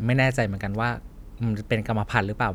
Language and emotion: Thai, neutral